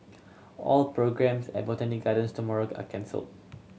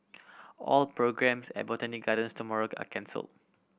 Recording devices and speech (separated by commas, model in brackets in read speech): mobile phone (Samsung C7100), boundary microphone (BM630), read sentence